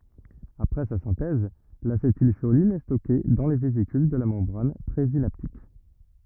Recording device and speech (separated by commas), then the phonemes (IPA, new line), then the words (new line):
rigid in-ear microphone, read sentence
apʁɛ sa sɛ̃tɛz lasetilʃolin ɛ stɔke dɑ̃ le vezikyl də la mɑ̃bʁan pʁezinaptik
Après sa synthèse, l'acétylcholine est stockée dans les vésicules de la membrane présynaptique.